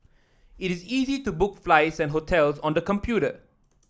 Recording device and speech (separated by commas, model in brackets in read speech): standing microphone (AKG C214), read sentence